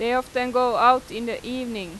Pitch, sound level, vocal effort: 245 Hz, 92 dB SPL, loud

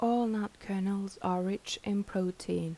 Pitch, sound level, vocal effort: 195 Hz, 79 dB SPL, soft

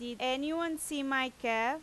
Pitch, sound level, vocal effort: 265 Hz, 91 dB SPL, very loud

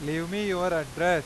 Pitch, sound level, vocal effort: 170 Hz, 97 dB SPL, very loud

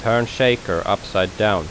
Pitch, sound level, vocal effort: 115 Hz, 85 dB SPL, normal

